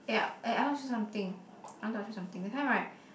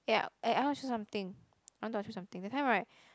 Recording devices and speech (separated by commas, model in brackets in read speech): boundary microphone, close-talking microphone, conversation in the same room